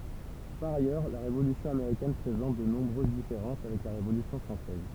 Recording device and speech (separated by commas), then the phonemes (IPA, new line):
temple vibration pickup, read sentence
paʁ ajœʁ la ʁevolysjɔ̃ ameʁikɛn pʁezɑ̃t də nɔ̃bʁøz difeʁɑ̃s avɛk la ʁevolysjɔ̃ fʁɑ̃sɛz